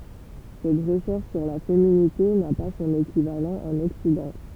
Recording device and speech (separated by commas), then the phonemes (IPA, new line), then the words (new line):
temple vibration pickup, read sentence
sɛt ʁəʃɛʁʃ syʁ la feminite na pa sɔ̃n ekivalɑ̃ ɑ̃n ɔksidɑ̃
Cette recherche sur la féminité n'a pas son équivalent en Occident.